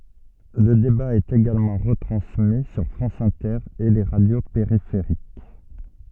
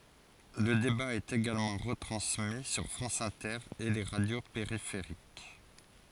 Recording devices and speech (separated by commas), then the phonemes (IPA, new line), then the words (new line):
soft in-ear microphone, forehead accelerometer, read sentence
lə deba ɛt eɡalmɑ̃ ʁətʁɑ̃smi syʁ fʁɑ̃s ɛ̃tɛʁ e le ʁadjo peʁifeʁik
Le débat est également retransmis sur France Inter et les radios périphériques.